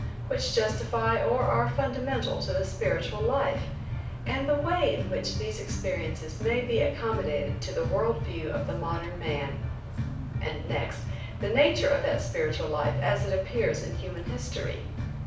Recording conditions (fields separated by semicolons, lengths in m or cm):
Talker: one person; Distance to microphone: 5.8 m; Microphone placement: far; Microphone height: 1.8 m; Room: medium-sized (5.7 m by 4.0 m); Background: music